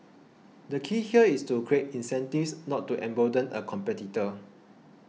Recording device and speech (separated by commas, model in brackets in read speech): mobile phone (iPhone 6), read sentence